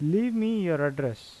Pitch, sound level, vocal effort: 160 Hz, 86 dB SPL, normal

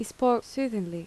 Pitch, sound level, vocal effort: 230 Hz, 80 dB SPL, soft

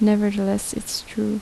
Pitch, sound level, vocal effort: 210 Hz, 74 dB SPL, soft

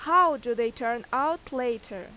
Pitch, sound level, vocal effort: 250 Hz, 92 dB SPL, very loud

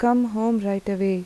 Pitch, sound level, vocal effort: 210 Hz, 83 dB SPL, soft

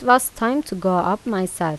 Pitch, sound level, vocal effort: 195 Hz, 85 dB SPL, normal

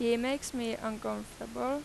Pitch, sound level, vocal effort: 235 Hz, 89 dB SPL, loud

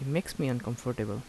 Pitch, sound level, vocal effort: 125 Hz, 77 dB SPL, soft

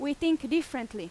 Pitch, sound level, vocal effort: 285 Hz, 93 dB SPL, very loud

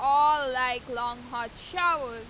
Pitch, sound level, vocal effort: 255 Hz, 101 dB SPL, very loud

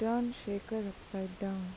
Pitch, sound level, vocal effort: 200 Hz, 80 dB SPL, soft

